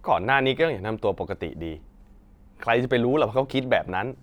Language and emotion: Thai, frustrated